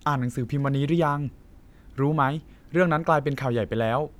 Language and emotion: Thai, neutral